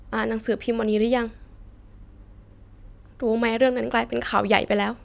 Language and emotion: Thai, sad